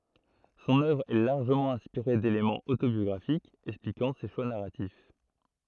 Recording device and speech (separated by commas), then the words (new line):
throat microphone, read sentence
Son œuvre est largement inspiré d'éléments autobiographiques expliquant ses choix narratifs.